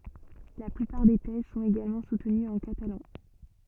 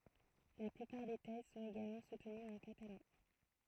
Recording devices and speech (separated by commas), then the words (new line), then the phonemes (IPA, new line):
soft in-ear microphone, throat microphone, read sentence
La plupart des thèses sont également soutenues en catalan.
la plypaʁ de tɛz sɔ̃t eɡalmɑ̃ sutənyz ɑ̃ katalɑ̃